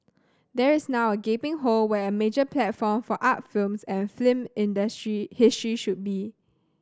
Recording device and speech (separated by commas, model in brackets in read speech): standing microphone (AKG C214), read sentence